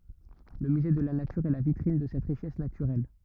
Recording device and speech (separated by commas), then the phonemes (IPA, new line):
rigid in-ear microphone, read sentence
lə myze də la natyʁ ɛ la vitʁin də sɛt ʁiʃɛs natyʁɛl